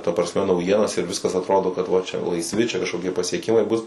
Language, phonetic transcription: Lithuanian, ta prasˈme nauˈjienas ir ˈviskas atˈrodo kad ˈva čia laisˈvi ˈčia kažkoˈkie pasieˈkimai bus

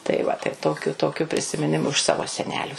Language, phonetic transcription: Lithuanian, tai ˈva tai ˈtokiu ˈtokiu prisimiˈnimu iš ˈsavo seˈnelių

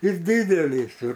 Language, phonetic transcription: Lithuanian, ir ˈdydelys ir

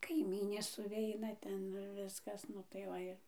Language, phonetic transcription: Lithuanian, kaiˈmynės suˈveina ˈten ir ˈviskas ˈnu tai ˈva ir

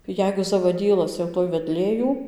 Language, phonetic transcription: Lithuanian, ˈjeigu zavaˈdylas jau ˈtoj veˈdlė ˈjų

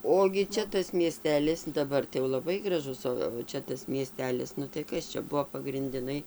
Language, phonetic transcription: Lithuanian, ˈogi ˈčia tas mieˈstelis daˈbar tai jau laˈbai graˈžus ˌo va ˈčia tas mieˈstelis ˈnu tai ˈkas čia ˈbuvo pagrindiˈnai

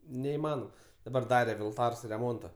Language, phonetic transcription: Lithuanian, neiˈmanom daˈbar ˈdare vilˈtars reˈmonta

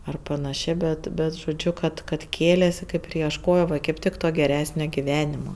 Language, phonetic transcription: Lithuanian, ar panaˈšė ˈbet ˈbet žoˈdžiu ˈkad kad ˈkėlėsi ˈkaip ir iešˈkojo va kaip ˈtik to geˈresnio giˈvenimo

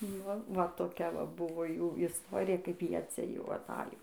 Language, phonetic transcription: Lithuanian, ˈnu va toˈkia ˈva ˈbuvo ˈjų isˈtorija kaip ˈjie ˈcia jau aˈtajo

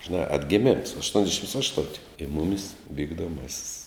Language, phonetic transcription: Lithuanian, žiˈnā atgeˈmims aštuonsˈdešims ˈaštunti i ˈmumis vykdoˈmasis

